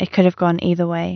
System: none